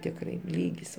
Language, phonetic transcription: Lithuanian, tikˈrai ˈlygis

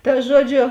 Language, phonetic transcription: Lithuanian, ta ˈžuoˌdžio

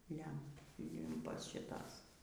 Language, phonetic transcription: Lithuanian, ˈlem ˈlimpas šiˈtas

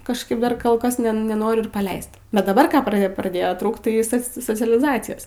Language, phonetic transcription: Lithuanian, kažˈkaip ˈdar ˈkol ˈkas ne neˈnoriu ir paˈleist bet daˈbar ˈką pra praˈdėjo ˈtrūkt tai ˈsas socialiˈzacijos

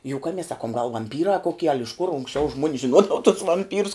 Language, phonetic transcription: Lithuanian, juˈkames ˈsakum gal vamˈpyrā koˈkie al' iš kur unksˈčiau žmuon's žinˈuodava tus vamˈpyrus

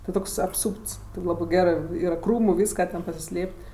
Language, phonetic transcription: Lithuanian, ti ˈtoks apˈsūpts ti ˈlabɜ ˈgerɜ ˈyra ˈkrūmu ˈvyska ten pasiˈslėp't'

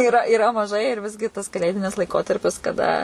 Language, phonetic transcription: Lithuanian, iˈra iˈra maˈžai ir ˈvisgi tas kaˈlėdinis laiˈkotarpis kaˈda

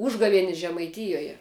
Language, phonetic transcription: Lithuanian, ˈūžgavienis žemaiˈtijoje

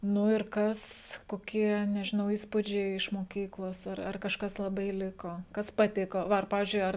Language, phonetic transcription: Lithuanian, nu ir ˈkas koˈkie nežiˈnau ˈįspudžiai iš moˈkyklos ˈar ar kažˈkas laˈbai ˈliko ˈkas paˈtiko ˈva ar ˈpavizdžiui ˈar

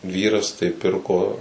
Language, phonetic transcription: Lithuanian, ˈvyras tai ˈpirko

